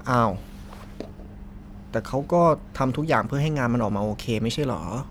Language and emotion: Thai, neutral